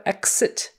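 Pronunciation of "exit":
In 'exit', the x is said as a ks sound rather than the more usual gz sound.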